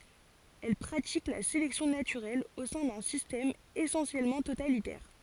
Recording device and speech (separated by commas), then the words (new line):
forehead accelerometer, read sentence
Elles pratiquent la sélection naturelle au sein d'un système essentiellement totalitaire.